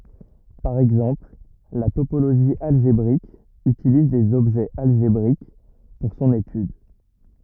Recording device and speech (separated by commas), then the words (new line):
rigid in-ear microphone, read sentence
Par exemple, la topologie algébrique utilise des objets algébriques pour son étude.